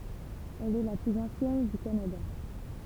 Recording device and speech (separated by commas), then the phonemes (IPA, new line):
temple vibration pickup, read sentence
ɛl ɛ la plyz ɑ̃sjɛn dy kanada